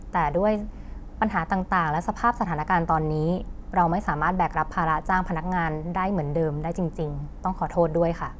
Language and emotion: Thai, sad